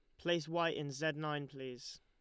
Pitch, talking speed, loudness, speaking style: 150 Hz, 200 wpm, -39 LUFS, Lombard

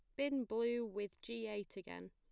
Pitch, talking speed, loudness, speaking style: 220 Hz, 190 wpm, -42 LUFS, plain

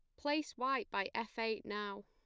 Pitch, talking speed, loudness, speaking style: 230 Hz, 195 wpm, -39 LUFS, plain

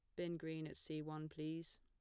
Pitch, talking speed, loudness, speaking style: 155 Hz, 225 wpm, -47 LUFS, plain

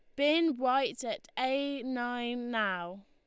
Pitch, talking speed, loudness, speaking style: 255 Hz, 125 wpm, -32 LUFS, Lombard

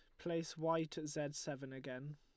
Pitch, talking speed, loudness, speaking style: 150 Hz, 185 wpm, -43 LUFS, Lombard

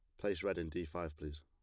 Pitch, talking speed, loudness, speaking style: 80 Hz, 295 wpm, -41 LUFS, plain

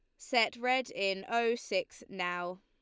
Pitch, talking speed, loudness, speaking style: 195 Hz, 150 wpm, -33 LUFS, Lombard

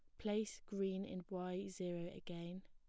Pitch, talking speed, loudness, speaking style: 185 Hz, 145 wpm, -45 LUFS, plain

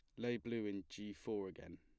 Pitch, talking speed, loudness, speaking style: 105 Hz, 225 wpm, -45 LUFS, plain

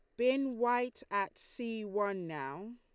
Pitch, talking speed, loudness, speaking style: 225 Hz, 140 wpm, -35 LUFS, Lombard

